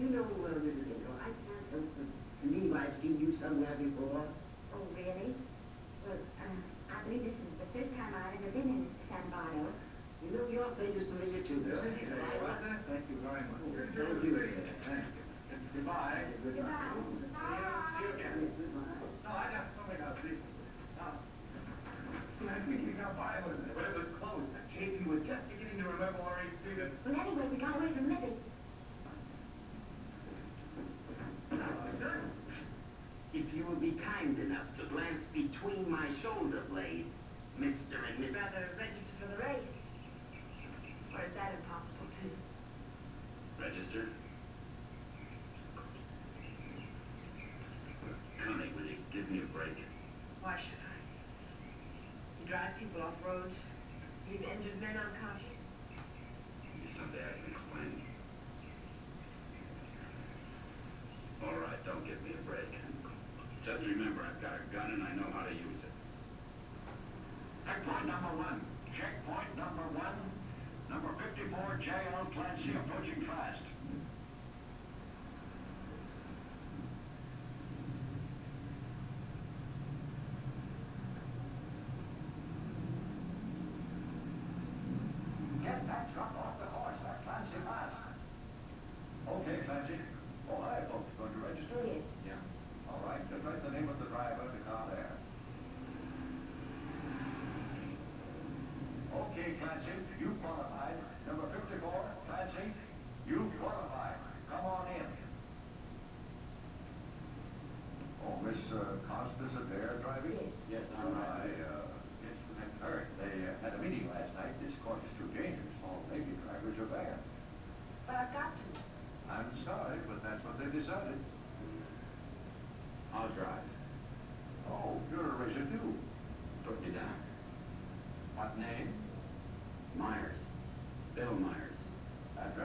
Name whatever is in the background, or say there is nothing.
A television.